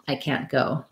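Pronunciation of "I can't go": In 'can't', the t is a stop T, so it is hard to hear. The n is very short, and the vowel in 'can't' is not reduced.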